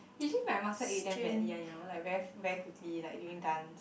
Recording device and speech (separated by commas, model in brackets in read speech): boundary microphone, conversation in the same room